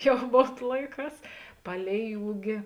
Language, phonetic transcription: Lithuanian, ˈjau ˈmon ˈlaiˌkās ˈpalei ˈūgi

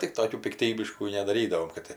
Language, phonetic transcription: Lithuanian, tik ˈtokių pikˈtybiškų nedaˈrydavom kad ˈti

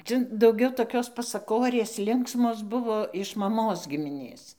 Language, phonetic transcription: Lithuanian, ˈca dauˈgiau toˈkios pasaˈkorės ˈlinksmos ˈbuvo iš maˈmos gimiˈnės

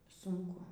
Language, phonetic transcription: Lithuanian, ˈsunku

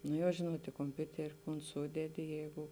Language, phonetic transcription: Lithuanian, ˈno jau ˈžėnuot i komˈpiuteri kon ˈsūdedi ˈjeigu

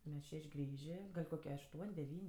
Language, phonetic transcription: Lithuanian, ˈmes ˈšeš' ˈgrįžė ˈgal' koˈkie ašˈtuon' deˈvyn'

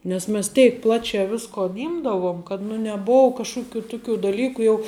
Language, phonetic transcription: Lithuanian, nes ˈmes ˈteik ˈplačiā ˈviskon ˈimdavom kad nu neˈbou kažˈkuˌkių ˈtuˌkių daˈlyku jau

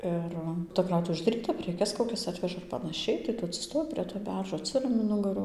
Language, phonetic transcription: Lithuanian, ˈir ta ˈkrautuvė uždaˈryta preˈkes koˈkias ˈatveža ir panaˈšiai tai ˈtu atsiˈstoji prie to ˈberžo atˈsirami ˈnugaru

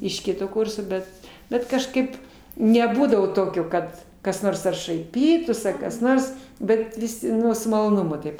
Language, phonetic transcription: Lithuanian, iš ˈkito ˈkurso ˈbet ˈbet kažˈkaip neˈbūdavo ˈtokio ˈkad kas ˈnors ar šaiˈpytųs ar kas ˈnors ˈbet viˈsi ˈnu su maloˈnumu ˈtaip

